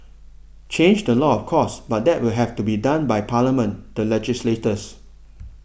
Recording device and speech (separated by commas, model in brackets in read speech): boundary microphone (BM630), read sentence